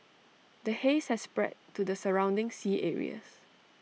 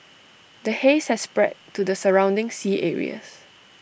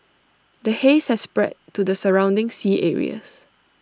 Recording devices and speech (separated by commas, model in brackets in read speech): mobile phone (iPhone 6), boundary microphone (BM630), standing microphone (AKG C214), read sentence